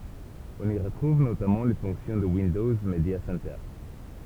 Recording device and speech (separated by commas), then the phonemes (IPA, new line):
temple vibration pickup, read sentence
ɔ̃n i ʁətʁuv notamɑ̃ le fɔ̃ksjɔ̃ də windɔz medja sɛntœʁ